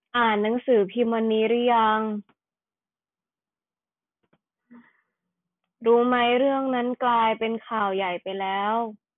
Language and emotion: Thai, frustrated